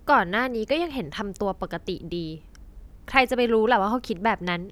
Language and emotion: Thai, frustrated